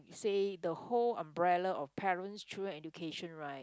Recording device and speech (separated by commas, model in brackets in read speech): close-talking microphone, conversation in the same room